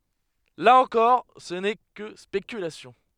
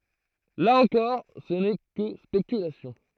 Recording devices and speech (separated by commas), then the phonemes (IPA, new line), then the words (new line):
headset microphone, throat microphone, read sentence
la ɑ̃kɔʁ sə nɛ kə spekylasjɔ̃
Là encore, ce n'est que spéculations.